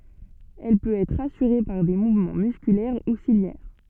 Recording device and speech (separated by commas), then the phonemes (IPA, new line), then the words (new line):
soft in-ear microphone, read sentence
ɛl pøt ɛtʁ asyʁe paʁ de muvmɑ̃ myskylɛʁ u siljɛʁ
Elle peut être assurée par des mouvements musculaires ou ciliaires.